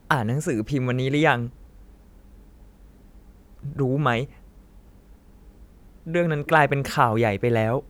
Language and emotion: Thai, sad